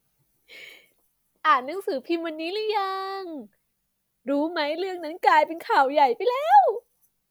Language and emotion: Thai, happy